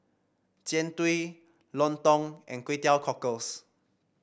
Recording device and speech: boundary microphone (BM630), read sentence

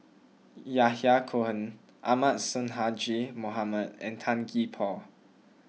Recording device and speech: mobile phone (iPhone 6), read sentence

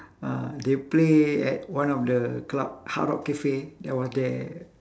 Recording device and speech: standing microphone, conversation in separate rooms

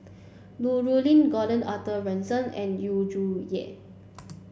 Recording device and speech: boundary microphone (BM630), read sentence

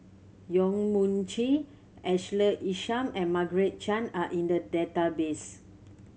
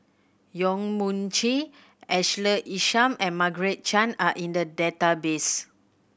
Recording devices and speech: mobile phone (Samsung C7100), boundary microphone (BM630), read sentence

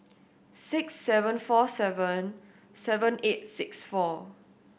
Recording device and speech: boundary microphone (BM630), read sentence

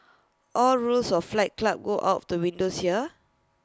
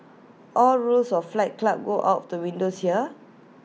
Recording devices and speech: close-talking microphone (WH20), mobile phone (iPhone 6), read sentence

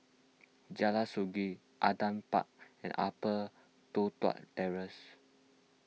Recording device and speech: mobile phone (iPhone 6), read sentence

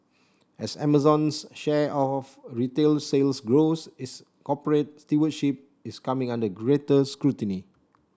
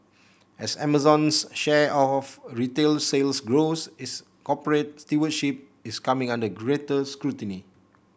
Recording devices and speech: standing microphone (AKG C214), boundary microphone (BM630), read sentence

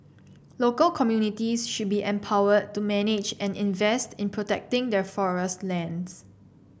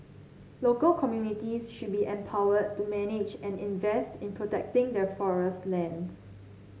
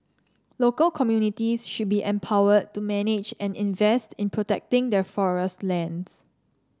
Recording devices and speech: boundary microphone (BM630), mobile phone (Samsung C7), standing microphone (AKG C214), read sentence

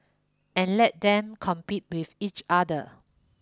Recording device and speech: close-talking microphone (WH20), read sentence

